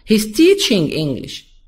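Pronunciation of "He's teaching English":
In 'He's teaching English', the stress falls on 'teaching'.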